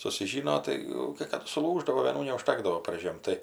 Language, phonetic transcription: Lithuanian, susiˈžyno ˈtai jau kai ˈkadu suˈlūždavo vėˈnų neužˈtakdavo parˈžėm tai

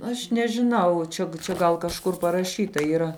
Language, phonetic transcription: Lithuanian, ˈaš nežiˈnau ˈčia čia ˈgal kažˈkur paraˈšyta yˈra

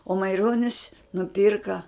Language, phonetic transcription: Lithuanian, o maiˈronis nuˈpyrka

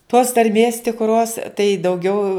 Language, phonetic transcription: Lithuanian, tos tarˈmės tikˈros tai dauˈgiau

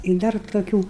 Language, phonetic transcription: Lithuanian, i ˈdar toˈkių

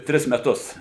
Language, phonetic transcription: Lithuanian, ˈtris meˈtus

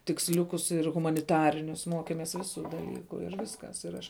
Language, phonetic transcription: Lithuanian, tiksˈliukus ir humaniˈtarinius ˈmokemes ˈviˌsu daˈlyku ir ˈviskas ir ˈaš

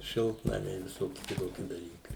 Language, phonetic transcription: Lithuanian, ˈšiltnamiai viˈsoki kiˈtoki daˈlykai

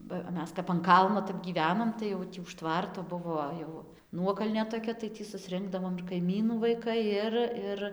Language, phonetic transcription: Lithuanian, ba ˈmes kap an ˈkalno tap gyˈvenom tai jau ˈtį už ˈtvarto ˈbuvo jau ˈnuokalnė toˈkia tai tį susˈrinkdavom ir kaiˈmynų vaiˈkai ˈir ˈir

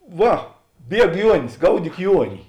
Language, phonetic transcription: Lithuanian, ˈva ˈbieg ˈjuonis ˈgaudyk ˈjuoni

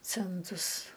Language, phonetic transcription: Lithuanian, ˈcentus

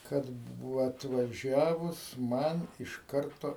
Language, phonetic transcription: Lithuanian, ˈkad ˈbuvo atvaˈžiavus ˈman iš ˈkarto

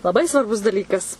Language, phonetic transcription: Lithuanian, laˈbai svarˈbus daˈlykas

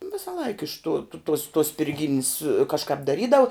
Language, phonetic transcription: Lithuanian, ˈvisalaik iš tų tuos tuos spirˈgynis kažˈkāp daˈrydav

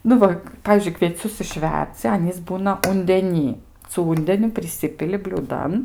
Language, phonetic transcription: Lithuanian, ˈnu va ˈpavyzdžiui kvieˈcius išˈverdzi ˈanys ˈbūna undeˈny su ˈūndeniu priˈsipili bliūˈdan

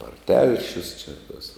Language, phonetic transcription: Lithuanian, ar ˈtelšius čia tas

